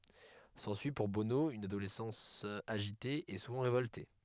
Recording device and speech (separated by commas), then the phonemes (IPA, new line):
headset microphone, read sentence
sɑ̃syi puʁ bono yn adolɛsɑ̃s aʒite e suvɑ̃ ʁevɔlte